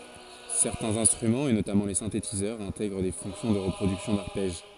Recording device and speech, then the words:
forehead accelerometer, read sentence
Certains instruments et notamment les synthétiseurs intègrent des fonctions de reproduction d'arpèges.

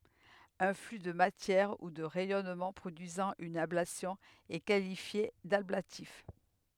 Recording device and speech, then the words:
headset microphone, read sentence
Un flux de matière ou de rayonnement produisant une ablation est qualifié d'ablatif.

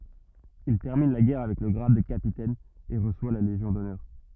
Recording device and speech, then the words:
rigid in-ear microphone, read sentence
Il termine la guerre avec le grade de capitaine et reçoit la Légion d'honneur.

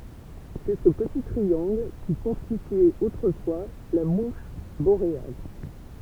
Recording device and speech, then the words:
temple vibration pickup, read sentence
C'est ce petit triangle qui constituait autrefois la mouche boréale.

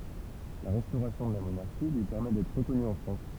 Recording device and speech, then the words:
temple vibration pickup, read sentence
La restauration de la monarchie lui permet d'être reconnu en France.

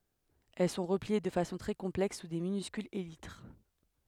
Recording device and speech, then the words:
headset microphone, read sentence
Elles sont repliées de façon très complexe sous de minuscules élytres.

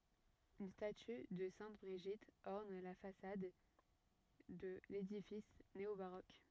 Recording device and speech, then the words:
rigid in-ear microphone, read sentence
Une statue de sainte Brigitte orne la façade de l'édifice néo-baroque.

